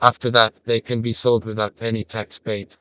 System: TTS, vocoder